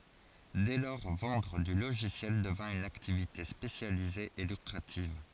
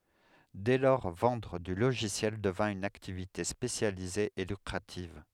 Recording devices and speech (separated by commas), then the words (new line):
forehead accelerometer, headset microphone, read sentence
Dès lors, vendre du logiciel devint une activité spécialisée et lucrative.